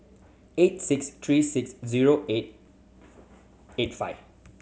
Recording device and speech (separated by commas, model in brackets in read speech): mobile phone (Samsung C7100), read sentence